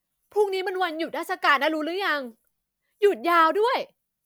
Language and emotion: Thai, happy